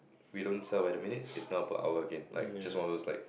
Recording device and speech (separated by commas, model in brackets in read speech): boundary microphone, conversation in the same room